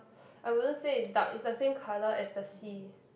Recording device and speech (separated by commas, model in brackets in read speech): boundary microphone, conversation in the same room